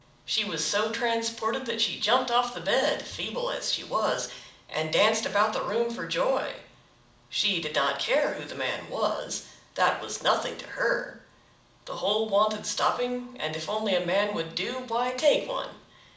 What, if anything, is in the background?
Nothing.